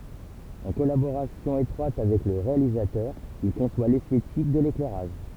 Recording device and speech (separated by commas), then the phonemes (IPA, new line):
temple vibration pickup, read sentence
ɑ̃ kɔlaboʁasjɔ̃ etʁwat avɛk lə ʁealizatœʁ il kɔ̃swa lɛstetik də leklɛʁaʒ